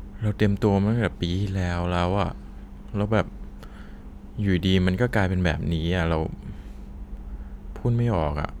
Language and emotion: Thai, frustrated